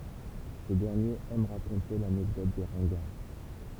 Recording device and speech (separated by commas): temple vibration pickup, read sentence